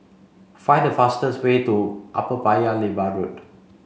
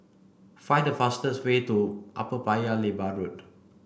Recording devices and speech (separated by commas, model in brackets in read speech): mobile phone (Samsung C5), boundary microphone (BM630), read sentence